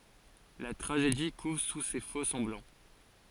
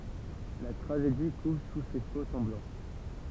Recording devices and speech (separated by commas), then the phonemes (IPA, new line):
forehead accelerometer, temple vibration pickup, read sentence
la tʁaʒedi kuv su se fokssɑ̃blɑ̃